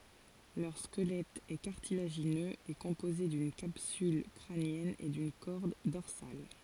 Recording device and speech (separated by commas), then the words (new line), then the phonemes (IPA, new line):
forehead accelerometer, read sentence
Leur squelette est cartilagineux et composé d'une capsule crânienne et d'une corde dorsale.
lœʁ skəlɛt ɛ kaʁtilaʒinøz e kɔ̃poze dyn kapsyl kʁanjɛn e dyn kɔʁd dɔʁsal